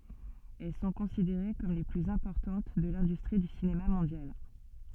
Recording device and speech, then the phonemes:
soft in-ear microphone, read sentence
ɛl sɔ̃ kɔ̃sideʁe kɔm le plyz ɛ̃pɔʁtɑ̃t də lɛ̃dystʁi dy sinema mɔ̃djal

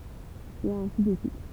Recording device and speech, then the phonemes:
temple vibration pickup, read sentence
e ɛ̃si də syit

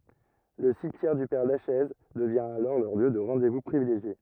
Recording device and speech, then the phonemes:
rigid in-ear microphone, read sentence
lə simtjɛʁ dy pɛʁ laʃɛz dəvjɛ̃ alɔʁ lœʁ ljø də ʁɑ̃de vu pʁivileʒje

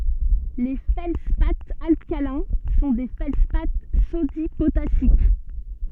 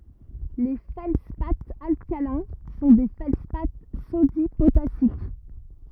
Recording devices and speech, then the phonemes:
soft in-ear microphone, rigid in-ear microphone, read sentence
le fɛldspaz alkalɛ̃ sɔ̃ de fɛldspa sodi potasik

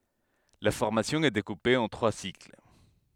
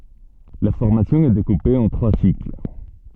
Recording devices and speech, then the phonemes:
headset microphone, soft in-ear microphone, read sentence
la fɔʁmasjɔ̃ ɛ dekupe ɑ̃ tʁwa sikl

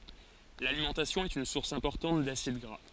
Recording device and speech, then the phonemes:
forehead accelerometer, read sentence
lalimɑ̃tasjɔ̃ ɛt yn suʁs ɛ̃pɔʁtɑ̃t dasid ɡʁa

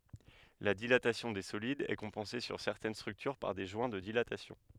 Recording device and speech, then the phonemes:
headset microphone, read sentence
la dilatasjɔ̃ de solidz ɛ kɔ̃pɑ̃se syʁ sɛʁtɛn stʁyktyʁ paʁ de ʒwɛ̃ də dilatasjɔ̃

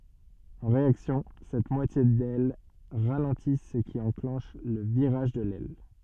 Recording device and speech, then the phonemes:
soft in-ear microphone, read sentence
ɑ̃ ʁeaksjɔ̃ sɛt mwatje dɛl ʁalɑ̃ti sə ki ɑ̃klɑ̃ʃ lə viʁaʒ də lɛl

